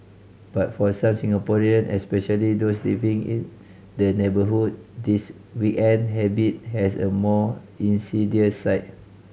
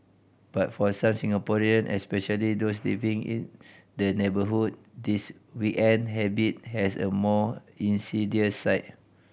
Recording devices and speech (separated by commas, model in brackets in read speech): mobile phone (Samsung C5010), boundary microphone (BM630), read sentence